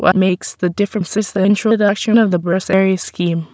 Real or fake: fake